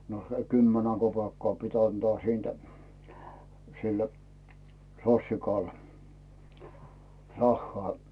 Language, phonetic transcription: Finnish, no , se "kymmenä 'kopeekkaa pit 'antᵒa siintᴀ̈ , sil , 'sossikal , 'rahhᵒà .
- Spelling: no se kymmenen kopeekkaa piti antaa siitä sille sossikalle rahaa

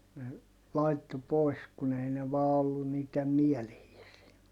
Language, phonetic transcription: Finnish, ne , laitto poi̮s kun ‿ei ne vaa ollun niit̆tem miɛlehiisii .
- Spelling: ne laittoi pois kun ei ne vain ollut niiden mieleisiä

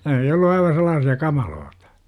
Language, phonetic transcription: Finnish, ne oli 'ollu aiva sel̆laasi₍a "kamalootA .
- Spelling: ne oli ollut aivan sellaisia kamalia

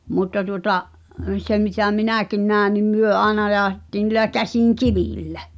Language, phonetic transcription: Finnish, 'mutta tuŏta’ , 'sem mitä "minä̀kin nä̀e nim "myö 'àena jaaᵒhettiin̆ ni̳lä 'käsiŋ"kivìllᴀ̈ .
- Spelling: mutta tuota sen mitä minäkin näin niin me aina jauhettiin niillä käsinkivillä

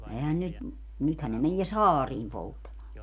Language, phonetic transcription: Finnish, ehän 'nyt , 'nythän ne menie "saariim 'polttamaa .
- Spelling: eihän nyt nythän ne menee saariin polttamaan

